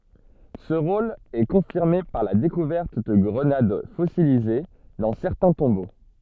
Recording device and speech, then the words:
soft in-ear microphone, read sentence
Ce rôle est confirmé par la découverte de grenades fossilisées dans certains tombeaux.

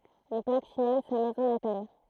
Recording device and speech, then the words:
throat microphone, read sentence
Une plaque signale sa maison natale.

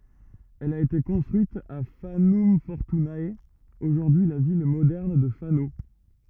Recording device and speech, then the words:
rigid in-ear microphone, read sentence
Elle a été construite à Fanum Fortunae, aujourd’hui la ville moderne de Fano.

